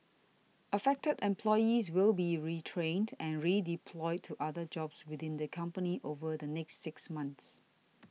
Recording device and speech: mobile phone (iPhone 6), read sentence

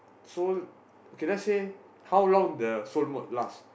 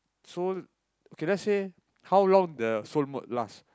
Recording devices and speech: boundary microphone, close-talking microphone, conversation in the same room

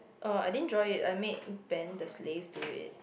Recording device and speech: boundary microphone, conversation in the same room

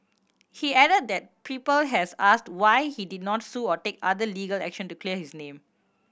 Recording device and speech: boundary microphone (BM630), read sentence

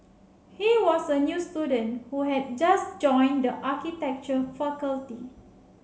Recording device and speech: mobile phone (Samsung C7), read sentence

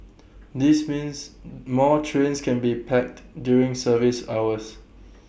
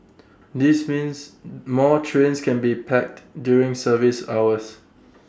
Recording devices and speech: boundary microphone (BM630), standing microphone (AKG C214), read sentence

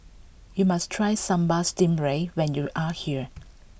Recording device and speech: boundary microphone (BM630), read sentence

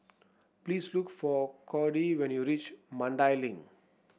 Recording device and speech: boundary microphone (BM630), read sentence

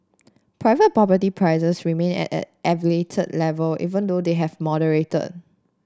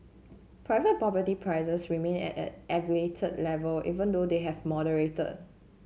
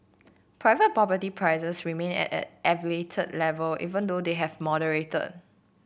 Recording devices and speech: standing microphone (AKG C214), mobile phone (Samsung C7), boundary microphone (BM630), read sentence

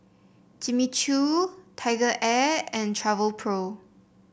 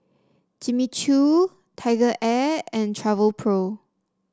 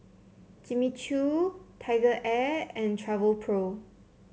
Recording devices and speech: boundary microphone (BM630), standing microphone (AKG C214), mobile phone (Samsung C7), read sentence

